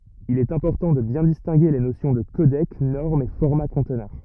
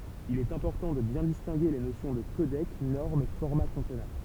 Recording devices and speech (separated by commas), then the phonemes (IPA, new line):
rigid in-ear microphone, temple vibration pickup, read sentence
il ɛt ɛ̃pɔʁtɑ̃ də bjɛ̃ distɛ̃ɡe le nosjɔ̃ də kodɛk nɔʁm e fɔʁma kɔ̃tnœʁ